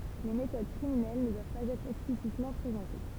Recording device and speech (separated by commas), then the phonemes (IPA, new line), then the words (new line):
temple vibration pickup, read sentence
le metod kʁiminɛl nə dwav paz ɛtʁ ɛksplisitmɑ̃ pʁezɑ̃te
Les méthodes criminelles ne doivent pas être explicitement présentées.